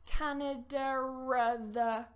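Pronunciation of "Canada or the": An intrusive R is added after 'Canada': a ruh sound links it to 'or', so it sounds like 'Canada rather'.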